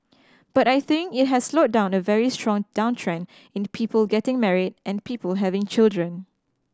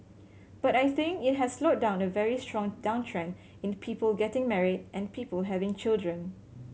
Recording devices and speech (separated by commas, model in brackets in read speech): standing microphone (AKG C214), mobile phone (Samsung C7100), read sentence